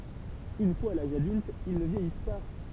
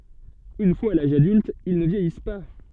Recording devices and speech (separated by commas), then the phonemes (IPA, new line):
temple vibration pickup, soft in-ear microphone, read sentence
yn fwaz a laʒ adylt il nə vjɛjis pa